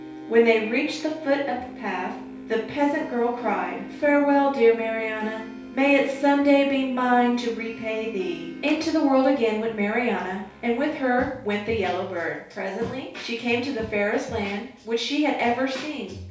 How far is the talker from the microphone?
3.0 m.